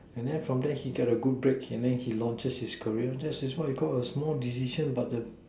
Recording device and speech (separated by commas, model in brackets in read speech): standing microphone, conversation in separate rooms